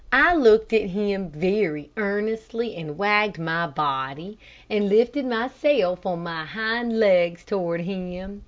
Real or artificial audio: real